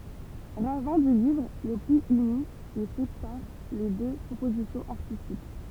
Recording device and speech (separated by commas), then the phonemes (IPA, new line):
temple vibration pickup, read sentence
ʁavɛ̃ dy livʁ lə pli yni e sepaʁ le dø pʁopozisjɔ̃z aʁtistik